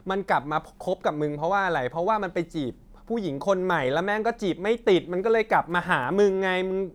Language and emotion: Thai, angry